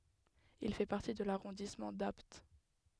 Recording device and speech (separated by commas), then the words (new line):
headset microphone, read sentence
Il fait partie de l'arrondissement d'Apt.